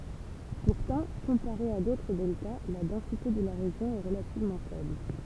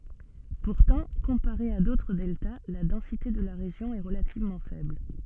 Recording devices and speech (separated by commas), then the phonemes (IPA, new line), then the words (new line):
temple vibration pickup, soft in-ear microphone, read sentence
puʁtɑ̃ kɔ̃paʁe a dotʁ dɛlta la dɑ̃site də la ʁeʒjɔ̃ ɛ ʁəlativmɑ̃ fɛbl
Pourtant, comparé à d’autres deltas, la densité de la région est relativement faible.